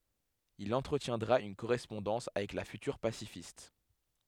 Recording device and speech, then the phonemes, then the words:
headset microphone, read sentence
il ɑ̃tʁətjɛ̃dʁa yn koʁɛspɔ̃dɑ̃s avɛk la fytyʁ pasifist
Il entretiendra une correspondance avec la future pacifiste.

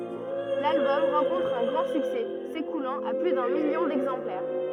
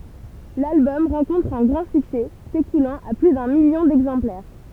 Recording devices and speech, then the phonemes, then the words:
rigid in-ear microphone, temple vibration pickup, read sentence
lalbɔm ʁɑ̃kɔ̃tʁ œ̃ ɡʁɑ̃ syksɛ sekulɑ̃t a ply dœ̃ miljɔ̃ dɛɡzɑ̃plɛʁ
L'album rencontre un grand succès, s'écoulant à plus d'un million d'exemplaires.

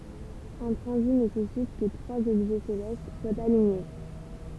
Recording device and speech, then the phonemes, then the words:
temple vibration pickup, read sentence
œ̃ tʁɑ̃zit nesɛsit kə tʁwaz ɔbʒɛ selɛst swat aliɲe
Un transit nécessite que trois objets célestes soient alignés.

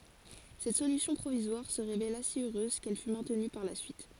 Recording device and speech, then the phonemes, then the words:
forehead accelerometer, read sentence
sɛt solysjɔ̃ pʁovizwaʁ sə ʁevela si øʁøz kɛl fy mɛ̃tny paʁ la syit
Cette solution provisoire se révéla si heureuse qu'elle fut maintenue par la suite.

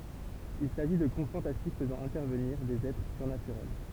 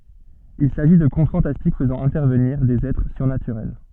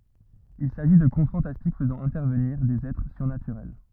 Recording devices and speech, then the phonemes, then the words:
temple vibration pickup, soft in-ear microphone, rigid in-ear microphone, read sentence
il saʒi də kɔ̃t fɑ̃tastik fəzɑ̃ ɛ̃tɛʁvəniʁ dez ɛtʁ syʁnatyʁɛl
Il s'agit de contes fantastiques faisant intervenir des êtres surnaturels.

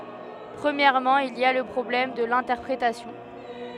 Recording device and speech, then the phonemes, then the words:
headset microphone, read sentence
pʁəmjɛʁmɑ̃ il i a lə pʁɔblɛm də lɛ̃tɛʁpʁetasjɔ̃
Premièrement il y a le problème de l'interprétation.

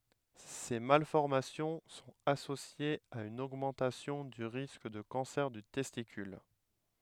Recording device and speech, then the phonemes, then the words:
headset microphone, read sentence
se malfɔʁmasjɔ̃ sɔ̃t asosjez a yn oɡmɑ̃tasjɔ̃ dy ʁisk də kɑ̃sɛʁ dy tɛstikyl
Ces malformations sont associées à une augmentation du risque de cancer du testicule.

